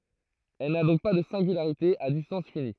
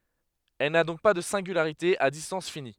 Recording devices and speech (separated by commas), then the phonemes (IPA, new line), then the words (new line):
throat microphone, headset microphone, read sentence
ɛl na dɔ̃k pa də sɛ̃ɡylaʁite a distɑ̃s fini
Elle n'a donc pas de singularité à distance finie.